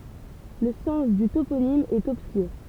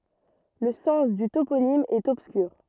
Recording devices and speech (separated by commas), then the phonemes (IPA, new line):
temple vibration pickup, rigid in-ear microphone, read sentence
lə sɑ̃s dy toponim ɛt ɔbskyʁ